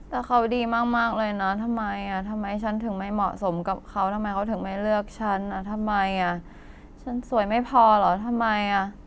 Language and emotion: Thai, frustrated